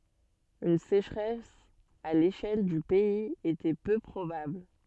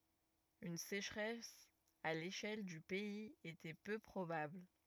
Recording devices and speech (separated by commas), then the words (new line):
soft in-ear microphone, rigid in-ear microphone, read sentence
Une sécheresse à l'échelle du pays était peu probable.